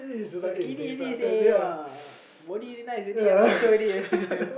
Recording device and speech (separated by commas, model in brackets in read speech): boundary microphone, conversation in the same room